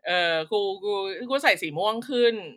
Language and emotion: Thai, happy